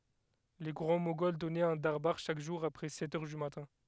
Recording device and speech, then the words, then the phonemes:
headset microphone, read sentence
Les Grands Moghols donnaient un darbâr chaque jour après sept heures du matin.
le ɡʁɑ̃ moɡɔl dɔnɛt œ̃ daʁbaʁ ʃak ʒuʁ apʁɛ sɛt œʁ dy matɛ̃

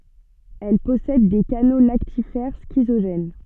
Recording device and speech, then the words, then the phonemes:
soft in-ear microphone, read sentence
Elles possèdent des canaux lactifères schizogènes.
ɛl pɔsɛd de kano laktifɛʁ skizoʒɛn

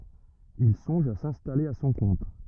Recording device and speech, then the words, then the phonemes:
rigid in-ear microphone, read sentence
Il songe à s'installer à son compte.
il sɔ̃ʒ a sɛ̃stale a sɔ̃ kɔ̃t

